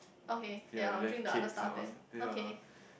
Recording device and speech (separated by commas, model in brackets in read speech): boundary microphone, conversation in the same room